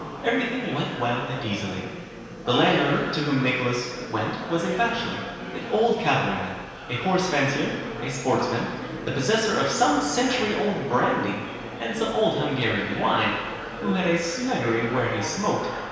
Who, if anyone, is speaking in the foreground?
One person.